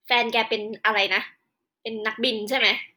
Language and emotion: Thai, neutral